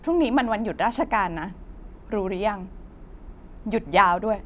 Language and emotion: Thai, angry